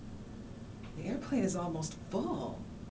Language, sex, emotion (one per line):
English
female
neutral